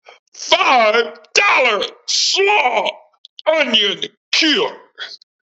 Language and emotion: English, disgusted